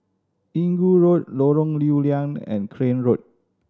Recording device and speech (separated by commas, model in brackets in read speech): standing microphone (AKG C214), read sentence